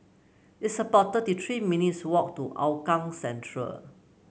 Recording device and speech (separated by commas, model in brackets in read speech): mobile phone (Samsung C9), read sentence